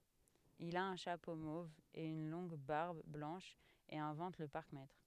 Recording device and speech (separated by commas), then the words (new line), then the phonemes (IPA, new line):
headset microphone, read sentence
Il a un chapeau mauve et une longue barbe blanche et invente le parcmètre.
il a œ̃ ʃapo mov e yn lɔ̃ɡ baʁb blɑ̃ʃ e ɛ̃vɑ̃t lə paʁkmɛtʁ